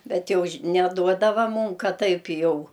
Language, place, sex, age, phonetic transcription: Lithuanian, Aukštaitija, female, 60+, ˈbet ˈjau ž' neˈduodava ˈmūm ˈkad ˈtaip ˈjau

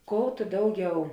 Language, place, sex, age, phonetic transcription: Lithuanian, Žemaitija, female, 18-60, ˈkou tu ˈdauˌgiau

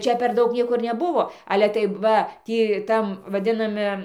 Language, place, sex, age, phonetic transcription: Lithuanian, Dzūkija, female, 60+, ˈčia per ˈdaug ˈnieko ir neˈbuvo ˈale tai ˈva ˈtį ˈtam vaˈdinami

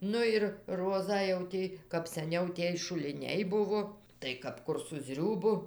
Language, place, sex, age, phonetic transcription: Lithuanian, Dzūkija, female, 60+, ˈnu ir ˈrozą jau ˈti kap saˈniau ˈtiej šuliˈniai ˈbuvo tai kap ˈkur su ˈzriūbu

